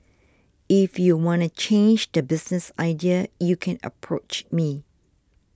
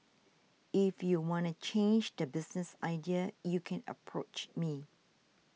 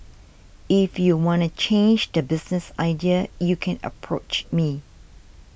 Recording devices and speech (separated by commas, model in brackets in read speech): standing microphone (AKG C214), mobile phone (iPhone 6), boundary microphone (BM630), read sentence